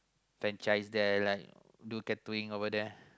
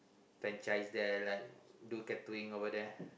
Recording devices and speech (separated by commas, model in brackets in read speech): close-talking microphone, boundary microphone, conversation in the same room